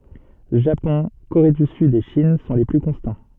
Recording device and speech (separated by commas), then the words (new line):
soft in-ear microphone, read sentence
Japon, Corée du Sud et Chine sont les plus constants.